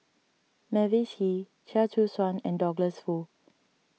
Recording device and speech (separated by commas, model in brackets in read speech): mobile phone (iPhone 6), read sentence